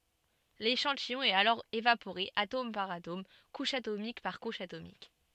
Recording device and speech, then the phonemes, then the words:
soft in-ear microphone, read sentence
leʃɑ̃tijɔ̃ ɛt alɔʁ evapoʁe atom paʁ atom kuʃ atomik paʁ kuʃ atomik
L'échantillon est alors évaporé atome par atome, couche atomique par couche atomique.

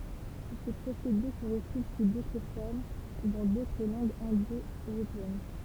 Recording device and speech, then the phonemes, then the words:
temple vibration pickup, read sentence
sə pʁosede sə ʁətʁuv su dotʁ fɔʁm dɑ̃ dotʁ lɑ̃ɡz ɛ̃do øʁopeɛn
Ce procédé se retrouve sous d'autres formes dans d'autres langues indo-européennes.

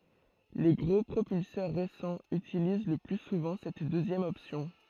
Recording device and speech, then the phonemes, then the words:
throat microphone, read sentence
le ɡʁo pʁopylsœʁ ʁesɑ̃z ytiliz lə ply suvɑ̃ sɛt døzjɛm ɔpsjɔ̃
Les gros propulseurs récents utilisent le plus souvent cette deuxième option.

